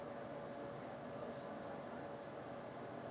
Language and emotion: English, disgusted